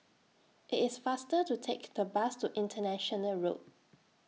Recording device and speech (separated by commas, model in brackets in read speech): mobile phone (iPhone 6), read sentence